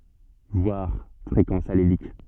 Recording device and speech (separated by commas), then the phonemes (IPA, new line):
soft in-ear microphone, read sentence
vwaʁ fʁekɑ̃s alelik